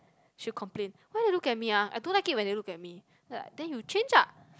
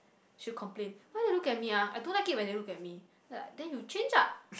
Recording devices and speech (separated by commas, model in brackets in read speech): close-talking microphone, boundary microphone, conversation in the same room